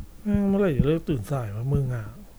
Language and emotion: Thai, frustrated